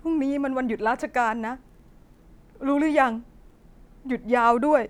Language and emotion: Thai, sad